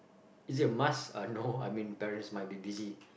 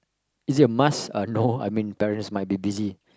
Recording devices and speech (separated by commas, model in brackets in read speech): boundary microphone, close-talking microphone, conversation in the same room